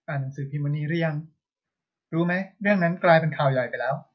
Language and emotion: Thai, neutral